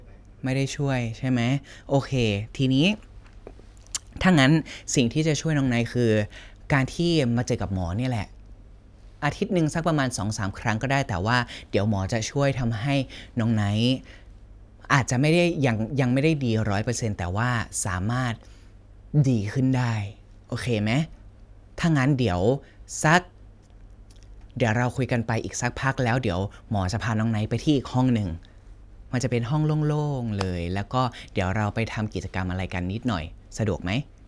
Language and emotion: Thai, neutral